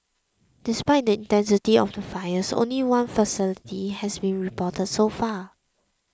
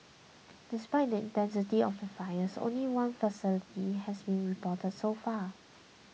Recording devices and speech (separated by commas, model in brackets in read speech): close-talking microphone (WH20), mobile phone (iPhone 6), read sentence